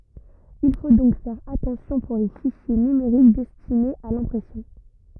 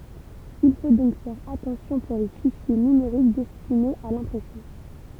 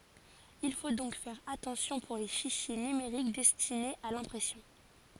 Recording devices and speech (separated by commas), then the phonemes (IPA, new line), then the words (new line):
rigid in-ear microphone, temple vibration pickup, forehead accelerometer, read sentence
il fo dɔ̃k fɛʁ atɑ̃sjɔ̃ puʁ le fiʃje nymeʁik dɛstinez a lɛ̃pʁɛsjɔ̃
Il faut donc faire attention pour les fichiers numériques destinés à l'impression.